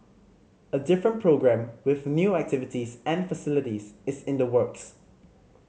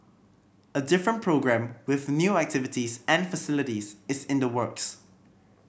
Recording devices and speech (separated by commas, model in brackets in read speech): mobile phone (Samsung C5010), boundary microphone (BM630), read sentence